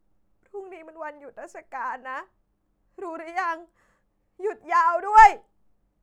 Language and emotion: Thai, sad